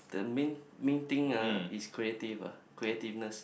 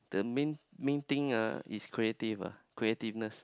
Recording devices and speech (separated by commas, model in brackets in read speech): boundary microphone, close-talking microphone, conversation in the same room